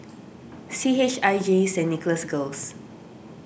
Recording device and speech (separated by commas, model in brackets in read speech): boundary microphone (BM630), read sentence